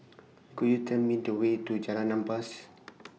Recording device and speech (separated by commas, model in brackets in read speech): mobile phone (iPhone 6), read sentence